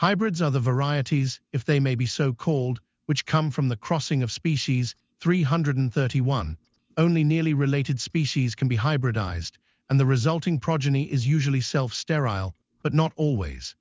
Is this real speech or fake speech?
fake